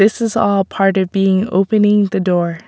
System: none